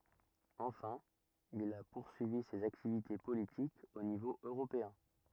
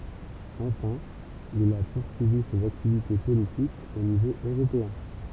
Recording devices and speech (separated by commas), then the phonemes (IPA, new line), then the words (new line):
rigid in-ear microphone, temple vibration pickup, read sentence
ɑ̃fɛ̃ il a puʁsyivi sez aktivite politikz o nivo øʁopeɛ̃
Enfin, il a poursuivi ses activités politiques au niveau européen.